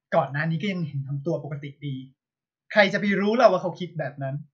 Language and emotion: Thai, frustrated